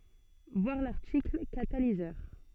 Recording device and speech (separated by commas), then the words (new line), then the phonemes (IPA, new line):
soft in-ear microphone, read sentence
Voir l'article Catalyseur.
vwaʁ laʁtikl katalizœʁ